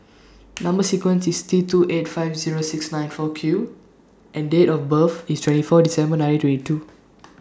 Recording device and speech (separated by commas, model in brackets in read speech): standing microphone (AKG C214), read sentence